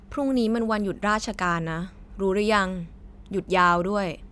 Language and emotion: Thai, neutral